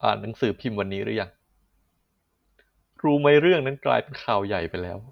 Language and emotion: Thai, sad